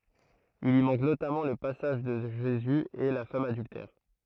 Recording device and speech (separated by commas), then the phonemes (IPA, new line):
throat microphone, read sentence
il i mɑ̃k notamɑ̃ lə pasaʒ də ʒezy e la fam adyltɛʁ